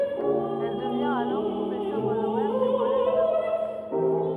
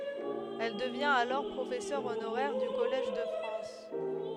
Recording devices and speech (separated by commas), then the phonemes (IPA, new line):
rigid in-ear microphone, headset microphone, read sentence
ɛl dəvjɛ̃t alɔʁ pʁofɛsœʁ onoʁɛʁ dy kɔlɛʒ də fʁɑ̃s